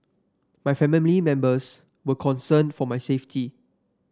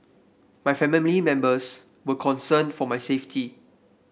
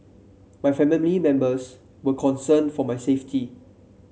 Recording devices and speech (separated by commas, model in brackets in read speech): standing microphone (AKG C214), boundary microphone (BM630), mobile phone (Samsung C7), read sentence